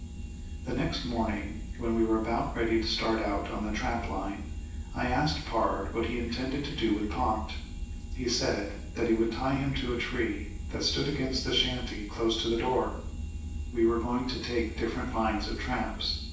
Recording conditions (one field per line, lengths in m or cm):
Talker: one person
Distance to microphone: 9.8 m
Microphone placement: far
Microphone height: 1.8 m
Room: large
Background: none